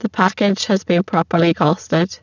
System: VC, spectral filtering